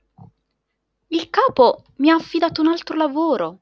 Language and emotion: Italian, surprised